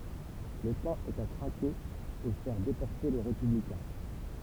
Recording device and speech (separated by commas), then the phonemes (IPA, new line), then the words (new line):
temple vibration pickup, read sentence
lə tɑ̃ ɛt a tʁake e fɛʁ depɔʁte le ʁepyblikɛ̃
Le temps est à traquer et faire déporter les républicains.